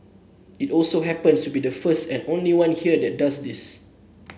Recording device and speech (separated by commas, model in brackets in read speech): boundary microphone (BM630), read sentence